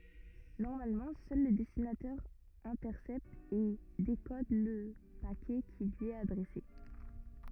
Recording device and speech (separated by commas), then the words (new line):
rigid in-ear microphone, read sentence
Normalement, seul le destinataire intercepte et décode le paquet qui lui est adressé.